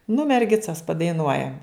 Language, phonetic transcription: Lithuanian, nu merˈgicas padaiˈnuojam

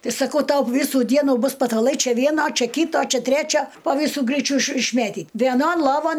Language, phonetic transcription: Lithuanian, ˈti saˈkau ˈtau ˈvysų ˈdienų ˈbus pataˈlai ˈčia ˈvieno ˈčia ˈkyto ˈčia ˈtræčio po ˈvysų ˈgryčiu iš išˈmėtyt vieˈnon loˈvon

